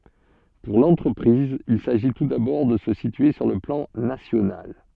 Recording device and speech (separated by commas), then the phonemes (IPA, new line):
soft in-ear microphone, read sentence
puʁ lɑ̃tʁəpʁiz il saʒi tu dabɔʁ də sə sitye syʁ lə plɑ̃ nasjonal